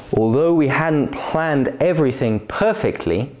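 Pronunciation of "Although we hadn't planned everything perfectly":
'Although' has a falling-rising tone. After that, the voice moves upward in small steps and makes a bigger rise on 'perfectly'.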